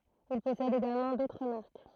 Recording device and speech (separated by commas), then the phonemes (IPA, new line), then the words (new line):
throat microphone, read sentence
il pɔsɛd eɡalmɑ̃ dotʁ maʁk
Il possède également d'autres marques.